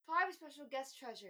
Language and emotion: English, fearful